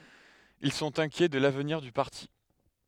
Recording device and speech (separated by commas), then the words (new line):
headset microphone, read sentence
Ils sont inquiets de l'avenir du parti.